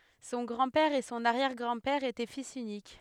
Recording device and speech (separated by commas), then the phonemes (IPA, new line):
headset microphone, read sentence
sɔ̃ ɡʁɑ̃dpɛʁ e sɔ̃n aʁjɛʁɡʁɑ̃dpɛʁ etɛ fis ynik